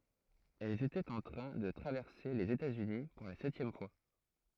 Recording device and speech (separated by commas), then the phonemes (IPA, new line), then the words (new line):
throat microphone, read sentence
ɛl etɛt ɑ̃ tʁɛ̃ də tʁavɛʁse lez etatsyni puʁ la sɛtjɛm fwa
Elle était en train de traverser les États-Unis pour la septième fois.